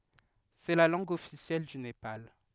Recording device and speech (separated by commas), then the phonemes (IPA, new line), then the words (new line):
headset microphone, read sentence
sɛ la lɑ̃ɡ ɔfisjɛl dy nepal
C'est la langue officielle du Népal.